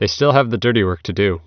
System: none